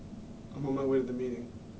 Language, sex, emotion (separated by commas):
English, male, neutral